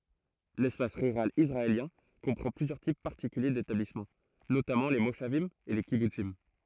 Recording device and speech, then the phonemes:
throat microphone, read sentence
lɛspas ʁyʁal isʁaeljɛ̃ kɔ̃pʁɑ̃ plyzjœʁ tip paʁtikylje detablismɑ̃ notamɑ̃ le moʃavim e le kibutsim

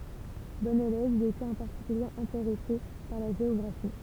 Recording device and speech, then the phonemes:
temple vibration pickup, read sentence
bɔ̃n elɛv il etɛt ɑ̃ paʁtikylje ɛ̃teʁɛse paʁ la ʒeɔɡʁafi

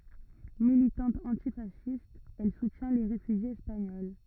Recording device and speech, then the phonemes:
rigid in-ear microphone, read sentence
militɑ̃t ɑ̃tifasist ɛl sutjɛ̃ le ʁefyʒjez ɛspaɲɔl

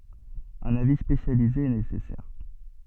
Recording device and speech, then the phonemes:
soft in-ear microphone, read sentence
œ̃n avi spesjalize ɛ nesɛsɛʁ

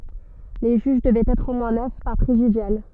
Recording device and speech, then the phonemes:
soft in-ear microphone, read sentence
le ʒyʒ dəvɛt ɛtʁ o mwɛ̃ nœf paʁ pʁezidjal

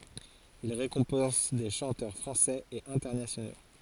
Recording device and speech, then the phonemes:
forehead accelerometer, read sentence
il ʁekɔ̃pɑ̃s de ʃɑ̃tœʁ fʁɑ̃sɛz e ɛ̃tɛʁnasjono

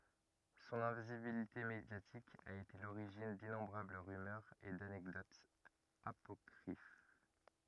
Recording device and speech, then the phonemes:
rigid in-ear microphone, read sentence
sɔ̃n ɛ̃vizibilite medjatik a ete a loʁiʒin dinɔ̃bʁabl ʁymœʁz e danɛkdotz apɔkʁif

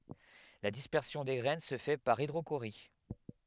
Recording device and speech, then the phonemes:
headset microphone, read sentence
la dispɛʁsjɔ̃ de ɡʁɛn sə fɛ paʁ idʁoʃoʁi

